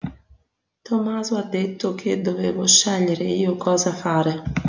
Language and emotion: Italian, neutral